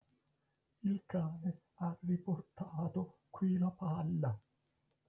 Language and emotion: Italian, fearful